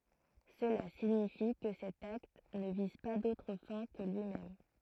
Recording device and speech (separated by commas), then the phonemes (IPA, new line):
throat microphone, read sentence
səla siɲifi kə sɛt akt nə viz pa dotʁ fɛ̃ kə lyimɛm